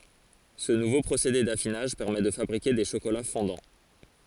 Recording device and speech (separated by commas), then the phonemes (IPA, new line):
forehead accelerometer, read sentence
sə nuvo pʁosede dafinaʒ pɛʁmɛ də fabʁike de ʃokola fɔ̃dɑ̃